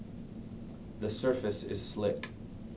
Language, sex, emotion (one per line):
English
male
neutral